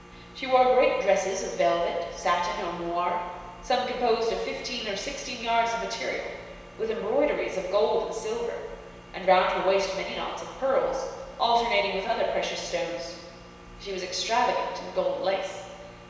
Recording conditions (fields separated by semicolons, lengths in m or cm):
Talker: one person; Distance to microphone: 1.7 m; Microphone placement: close; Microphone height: 1.0 m; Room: very reverberant, large; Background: none